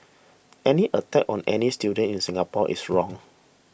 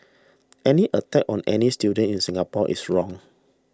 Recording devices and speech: boundary microphone (BM630), standing microphone (AKG C214), read sentence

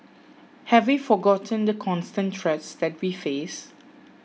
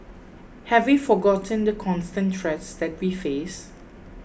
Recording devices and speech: mobile phone (iPhone 6), boundary microphone (BM630), read sentence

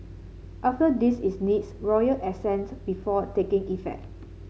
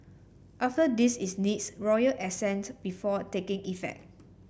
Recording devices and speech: mobile phone (Samsung C7), boundary microphone (BM630), read sentence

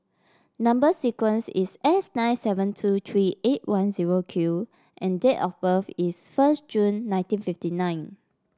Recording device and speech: standing microphone (AKG C214), read sentence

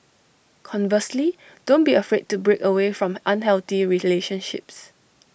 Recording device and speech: boundary microphone (BM630), read sentence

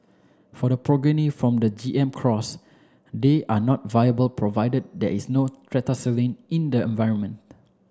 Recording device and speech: standing microphone (AKG C214), read sentence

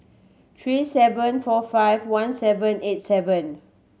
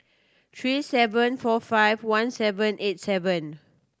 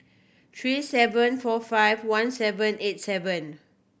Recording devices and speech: mobile phone (Samsung C7100), standing microphone (AKG C214), boundary microphone (BM630), read sentence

